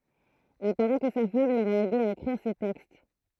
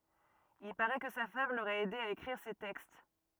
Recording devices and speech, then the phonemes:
throat microphone, rigid in-ear microphone, read sentence
il paʁɛ kə sa fam loʁɛt ɛde a ekʁiʁ se tɛkst

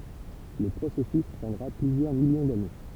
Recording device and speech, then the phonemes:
temple vibration pickup, read sentence
lə pʁosɛsys pʁɑ̃dʁa plyzjœʁ miljɔ̃ dane

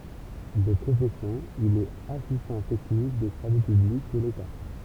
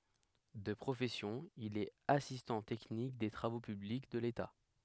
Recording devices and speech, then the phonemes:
temple vibration pickup, headset microphone, read sentence
də pʁofɛsjɔ̃ il ɛt asistɑ̃ tɛknik de tʁavo pyblik də leta

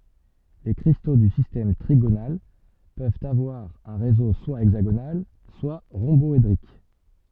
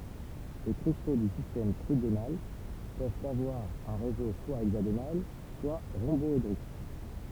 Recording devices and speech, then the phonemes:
soft in-ear microphone, temple vibration pickup, read sentence
le kʁisto dy sistɛm tʁiɡonal pøvt avwaʁ œ̃ ʁezo swa ɛɡzaɡonal swa ʁɔ̃bɔedʁik

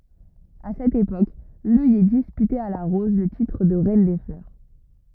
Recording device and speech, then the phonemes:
rigid in-ear microphone, read sentence
a sɛt epok lœjɛ dispytɛt a la ʁɔz lə titʁ də ʁɛn de flœʁ

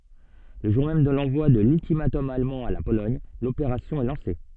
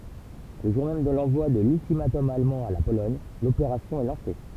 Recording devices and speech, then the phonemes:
soft in-ear microphone, temple vibration pickup, read sentence
lə ʒuʁ mɛm də lɑ̃vwa də lyltimatɔm almɑ̃ a la polɔɲ lopeʁasjɔ̃ ɛ lɑ̃se

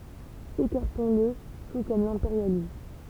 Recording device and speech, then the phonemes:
temple vibration pickup, read sentence
ekaʁtɔ̃sl tu kɔm lɛ̃peʁjalism

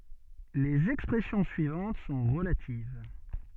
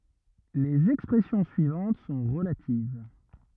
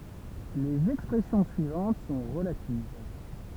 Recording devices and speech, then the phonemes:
soft in-ear microphone, rigid in-ear microphone, temple vibration pickup, read sentence
lez ɛkspʁɛsjɔ̃ syivɑ̃t sɔ̃ ʁəlativ

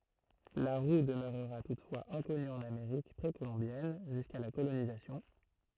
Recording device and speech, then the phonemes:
throat microphone, read sentence
la ʁu dəmøʁʁa tutfwaz ɛ̃kɔny ɑ̃n ameʁik pʁekolɔ̃bjɛn ʒyska la kolonizasjɔ̃

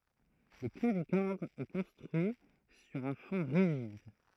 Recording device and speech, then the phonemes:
throat microphone, read sentence
lə klavikɔʁd ɛ kɔ̃stʁyi syʁ œ̃ fɔ̃ ʁiʒid

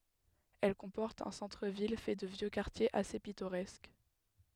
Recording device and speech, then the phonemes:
headset microphone, read sentence
ɛl kɔ̃pɔʁt œ̃ sɑ̃tʁ vil fɛ də vjø kaʁtjez ase pitoʁɛsk

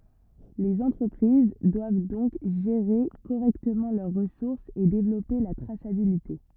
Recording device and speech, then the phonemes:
rigid in-ear microphone, read sentence
lez ɑ̃tʁəpʁiz dwav dɔ̃k ʒeʁe koʁɛktəmɑ̃ lœʁ ʁəsuʁsz e devlɔpe la tʁasabilite

